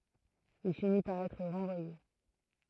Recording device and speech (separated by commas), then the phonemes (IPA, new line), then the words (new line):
throat microphone, read sentence
il fini paʁ ɛtʁ ʁɑ̃vwaje
Il finit par être renvoyé.